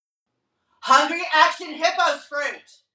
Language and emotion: English, neutral